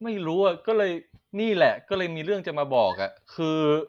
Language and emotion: Thai, frustrated